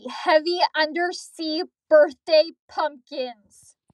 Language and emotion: English, angry